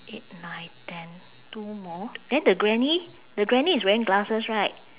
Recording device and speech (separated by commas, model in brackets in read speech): telephone, conversation in separate rooms